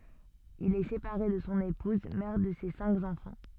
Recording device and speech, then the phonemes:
soft in-ear microphone, read sentence
il ɛ sepaʁe də sɔ̃ epuz mɛʁ də se sɛ̃k ɑ̃fɑ̃

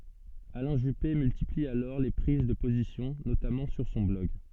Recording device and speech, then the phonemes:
soft in-ear microphone, read sentence
alɛ̃ ʒype myltipli alɔʁ le pʁiz də pozisjɔ̃ notamɑ̃ syʁ sɔ̃ blɔɡ

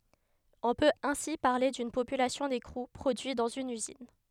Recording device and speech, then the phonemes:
headset microphone, read sentence
ɔ̃ pøt ɛ̃si paʁle dyn popylasjɔ̃ dekʁu pʁodyi dɑ̃z yn yzin

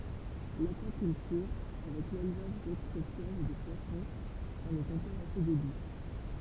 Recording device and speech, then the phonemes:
temple vibration pickup, read sentence
lakwakyltyʁ avɛk lelvaʒ dotʁ kokijaʒz e də pwasɔ̃z ɑ̃n ɛt ɑ̃kɔʁ a se deby

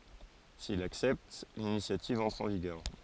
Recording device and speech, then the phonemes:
forehead accelerometer, read sentence
sil laksɛpt linisjativ ɑ̃tʁ ɑ̃ viɡœʁ

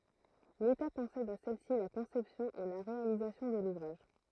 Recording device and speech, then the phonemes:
throat microphone, read sentence
leta kɔ̃sɛd a sɛlsi la kɔ̃sɛpsjɔ̃ e la ʁealizasjɔ̃ də luvʁaʒ

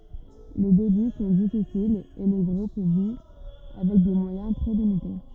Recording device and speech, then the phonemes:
rigid in-ear microphone, read sentence
le deby sɔ̃ difisilz e lə ɡʁup vi avɛk de mwajɛ̃ tʁɛ limite

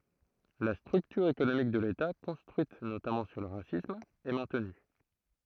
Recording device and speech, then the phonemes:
throat microphone, read sentence
la stʁyktyʁ ekonomik də leta kɔ̃stʁyit notamɑ̃ syʁ lə ʁasism ɛ mɛ̃tny

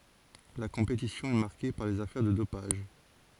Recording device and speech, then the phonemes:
forehead accelerometer, read sentence
la kɔ̃petisjɔ̃ ɛ maʁke paʁ lez afɛʁ də dopaʒ

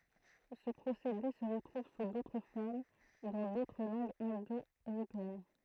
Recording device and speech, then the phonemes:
throat microphone, read sentence
sə pʁosede sə ʁətʁuv su dotʁ fɔʁm dɑ̃ dotʁ lɑ̃ɡz ɛ̃do øʁopeɛn

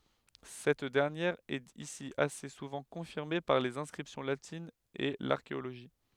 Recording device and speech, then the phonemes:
headset microphone, read sentence
sɛt dɛʁnjɛʁ ɛt isi ase suvɑ̃ kɔ̃fiʁme paʁ lez ɛ̃skʁipsjɔ̃ latinz e laʁkeoloʒi

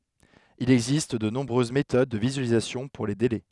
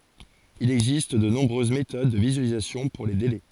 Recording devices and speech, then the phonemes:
headset microphone, forehead accelerometer, read sentence
il ɛɡzist də nɔ̃bʁøz metod də vizyalizasjɔ̃ puʁ le delɛ

